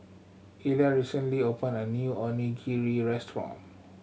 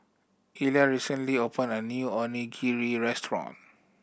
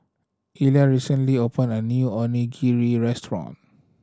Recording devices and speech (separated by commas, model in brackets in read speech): mobile phone (Samsung C7100), boundary microphone (BM630), standing microphone (AKG C214), read sentence